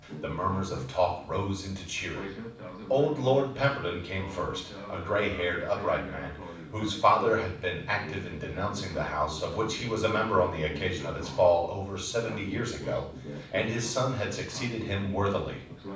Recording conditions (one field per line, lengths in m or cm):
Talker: one person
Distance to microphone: 5.8 m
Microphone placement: far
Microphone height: 1.8 m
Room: medium-sized (5.7 m by 4.0 m)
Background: television